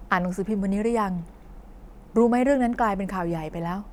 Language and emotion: Thai, neutral